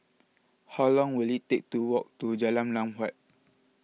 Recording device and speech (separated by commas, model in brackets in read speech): mobile phone (iPhone 6), read sentence